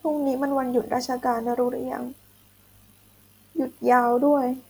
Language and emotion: Thai, sad